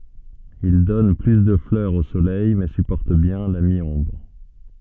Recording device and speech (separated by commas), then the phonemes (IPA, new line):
soft in-ear microphone, read sentence
il dɔn ply də flœʁz o solɛj mɛ sypɔʁt bjɛ̃ la mi ɔ̃bʁ